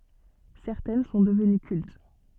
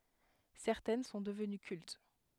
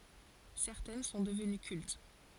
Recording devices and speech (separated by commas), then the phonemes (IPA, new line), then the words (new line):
soft in-ear microphone, headset microphone, forehead accelerometer, read sentence
sɛʁtɛn sɔ̃ dəvəny kylt
Certaines sont devenues cultes.